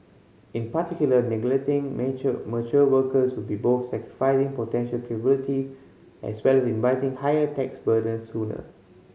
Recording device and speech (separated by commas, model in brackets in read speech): mobile phone (Samsung C5010), read sentence